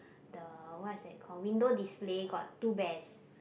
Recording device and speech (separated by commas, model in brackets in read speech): boundary microphone, conversation in the same room